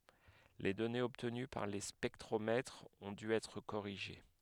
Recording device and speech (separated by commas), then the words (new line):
headset microphone, read sentence
Les données obtenues par les spectromètres ont dû être corrigées.